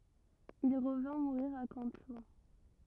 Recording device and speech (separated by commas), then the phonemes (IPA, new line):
rigid in-ear microphone, read sentence
il ʁəvɛ̃ muʁiʁ a kɑ̃tlup